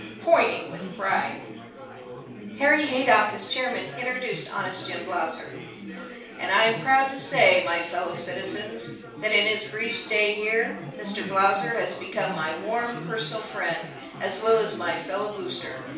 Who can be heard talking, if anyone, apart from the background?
One person.